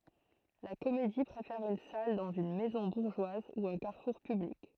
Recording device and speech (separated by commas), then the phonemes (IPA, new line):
throat microphone, read sentence
la komedi pʁefɛʁ yn sal dɑ̃z yn mɛzɔ̃ buʁʒwaz u œ̃ kaʁfuʁ pyblik